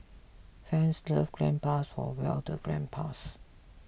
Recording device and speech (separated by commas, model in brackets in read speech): boundary microphone (BM630), read sentence